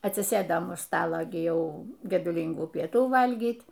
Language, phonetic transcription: Lithuanian, atsiˈsɘdam už ˈstalo gi ˈjau geduˈlyngų pieˈtų ˈvalgyt'

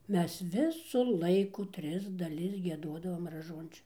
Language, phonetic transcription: Lithuanian, ˈmes ˈvisu ˈlaiku ˈtris daˈlis gieˈduodavom raˈžuončio

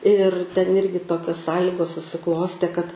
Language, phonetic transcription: Lithuanian, ir ten ˈirgi ˈtokios ˈsąlygos susiˈklostė kad

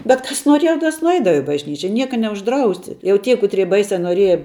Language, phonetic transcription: Lithuanian, bet ˈkas noˈrieja tas nuˈeidava i bažˈnyčia ˈnieka neužˈdrausi jau ˈtie kuˈtrie ˈbaisia noˈrieja

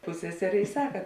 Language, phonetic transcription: Lithuanian, ˈpusseserė i ˈsaka

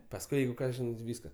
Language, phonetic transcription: Lithuanian, pasˈkui ˈjeigu ˈką ˈžinai ˈvyska

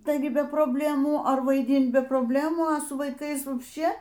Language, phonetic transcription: Lithuanian, taiˈgi be probˈlemų ar vaiˈdint be probˈlemų a ˈsu vaiˈkais vapšˈčė

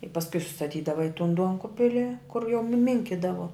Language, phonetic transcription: Lithuanian, i pasˈkui sustaˈtydava i tun ˈduonkubili kur jau nu ˈminkidavo

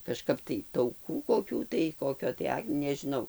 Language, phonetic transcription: Lithuanian, kažˈkap tai tauˈkų koˈkių tai ˈkokio tai ˈak nežiˈnau

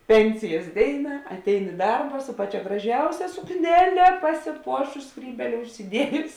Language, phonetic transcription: Lithuanian, ˈpensijas ˈdėina atˈein i ˈdarba su ˈpaˌčia graˈžiausia sukˈnele pasiˈpuošus ˈskrybėle užsiˈdiejus

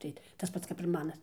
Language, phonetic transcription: Lithuanian, ˈtai tas ˈpats kap ir ˈmanas

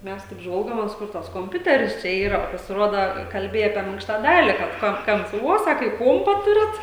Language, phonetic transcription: Lithuanian, ˈmes taip ˈžvalgomės ˈkur tas komˈpiuteris ˈčia ˈyra pasiˈroda kalˈbėja apie ˈminkšta ˈdali kad ˈko ˈkamps vuo ˈsaka i ˈkuompa ˈturit

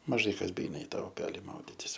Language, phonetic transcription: Lithuanian, maˈžai ˈkas beˈeina i ˈtą uˈpeli ˈmauditis

